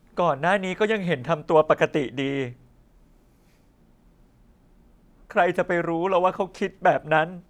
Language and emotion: Thai, sad